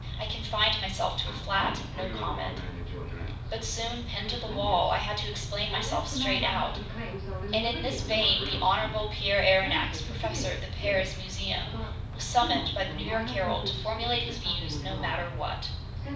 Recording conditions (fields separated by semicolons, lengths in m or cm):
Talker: one person; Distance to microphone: 5.8 m; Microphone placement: far; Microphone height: 1.8 m; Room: medium-sized (5.7 m by 4.0 m); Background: television